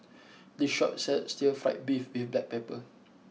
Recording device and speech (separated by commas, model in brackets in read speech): mobile phone (iPhone 6), read sentence